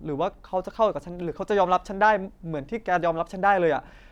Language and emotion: Thai, frustrated